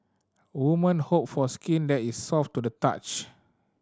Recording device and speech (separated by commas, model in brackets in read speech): standing microphone (AKG C214), read sentence